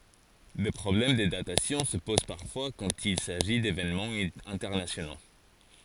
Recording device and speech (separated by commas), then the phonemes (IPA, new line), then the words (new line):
forehead accelerometer, read sentence
de pʁɔblɛm də datasjɔ̃ sə poz paʁfwa kɑ̃t il saʒi devenmɑ̃z ɛ̃tɛʁnasjono
Des problèmes de datation se posent parfois quand il s'agit d'événements internationaux.